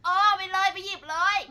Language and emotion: Thai, frustrated